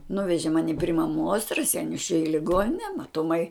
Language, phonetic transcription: Lithuanian, ˈnuveži ˈmani pri maˈmuos raˈseinius čia i liˈgonine matuˈmai

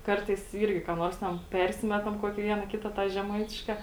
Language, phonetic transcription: Lithuanian, ˈkartais ˈyrgi ką ˈnors ten ˈpersimetam ˈkuokį ˈviena ˈkita tą žeˈmaitiška

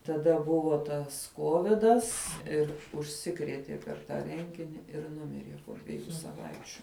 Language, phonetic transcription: Lithuanian, taˈda ˈbuvo ˈtas ˈkovidas ˈir užˈsikrietie per ˈtą ˈrengini ir ˈnumirie po dveˈjų saˈvaičiu

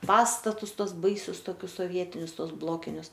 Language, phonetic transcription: Lithuanian, ˈpastatus ˈtuos ˈbaisius toˈkius soˈvietinius ˈtuos ˈblokinius

